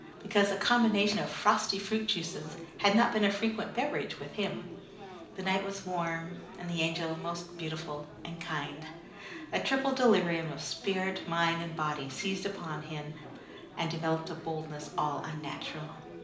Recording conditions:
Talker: one person; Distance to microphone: 2.0 m; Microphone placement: close; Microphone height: 99 cm; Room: medium-sized (5.7 m by 4.0 m); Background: babble

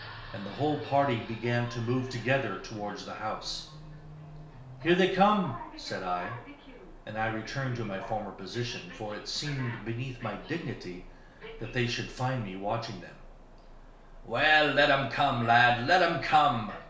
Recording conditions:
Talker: one person; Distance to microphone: 1.0 m; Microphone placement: close; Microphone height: 1.1 m; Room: small (3.7 m by 2.7 m); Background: television

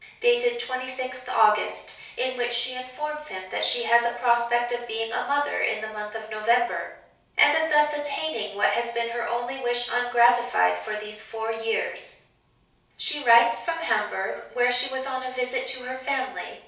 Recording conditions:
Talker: one person; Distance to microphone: 3.0 m; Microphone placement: far; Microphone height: 1.8 m; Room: small (3.7 m by 2.7 m); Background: none

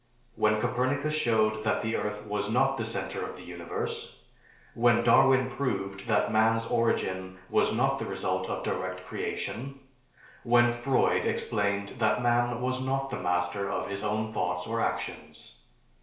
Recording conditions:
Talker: one person; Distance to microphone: 1.0 m; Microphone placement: close; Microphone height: 1.1 m; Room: small (3.7 m by 2.7 m); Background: none

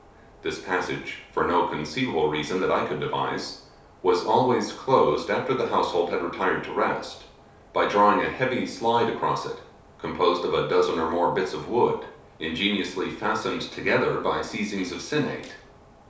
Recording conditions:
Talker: one person; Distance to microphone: 3.0 m; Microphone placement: far; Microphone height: 1.8 m; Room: small (3.7 m by 2.7 m); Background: none

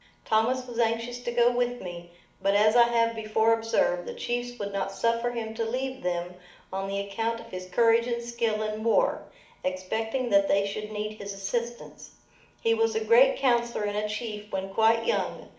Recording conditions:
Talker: one person; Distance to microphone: 2.0 m; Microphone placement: close; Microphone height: 99 cm; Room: medium-sized (5.7 m by 4.0 m); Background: none

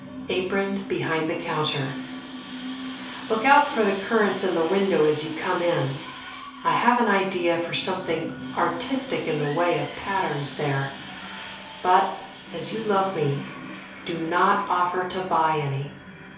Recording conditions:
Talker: one person; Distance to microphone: 3.0 m; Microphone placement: far; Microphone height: 1.8 m; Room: small (3.7 m by 2.7 m); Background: television

